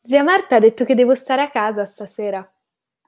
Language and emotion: Italian, happy